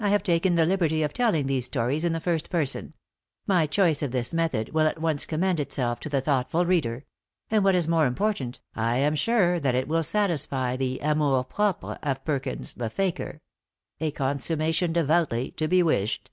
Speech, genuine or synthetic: genuine